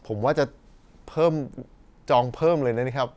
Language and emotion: Thai, neutral